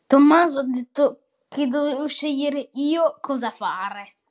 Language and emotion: Italian, disgusted